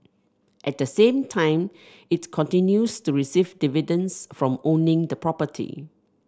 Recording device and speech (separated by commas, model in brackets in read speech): standing microphone (AKG C214), read sentence